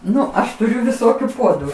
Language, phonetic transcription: Lithuanian, ˈnu ˈaš tuˈriu viˈsokiu ˈpuodu

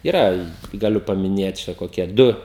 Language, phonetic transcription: Lithuanian, iˈra gaˈliu pamiˈnėt ˈčia koˈkie ˈdu

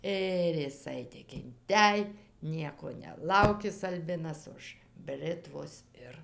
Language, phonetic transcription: Lithuanian, ˈir jiˈsai tik inˈtej ˈnieko neˈlaukis alˈbinas už ˈbritvos ˈir

